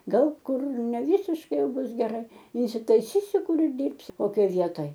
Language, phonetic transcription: Lithuanian, ˈgal ˈkur neˈvysiškai ˈjau ˈbus geˈrai insitaiˈsysiu ˈkur ir ˈdirbsiu koˈkioj ˈvietoj

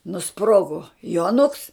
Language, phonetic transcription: Lithuanian, nuˈsprogo juoˈnuks

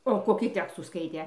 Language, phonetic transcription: Lithuanian, o koˈkį ˈtekstų ˈskaitė

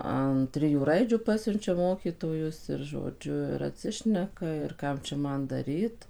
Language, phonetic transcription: Lithuanian, an ˈtrijų ˈraidžių ˈpasiunčia ˈmokytojus ir žoˈdžiu ir atˈsišneka ir ˈkam čia ˈman ˈdaryt

